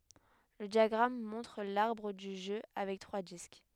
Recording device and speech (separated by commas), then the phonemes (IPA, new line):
headset microphone, read sentence
lə djaɡʁam mɔ̃tʁ laʁbʁ dy ʒø avɛk tʁwa disk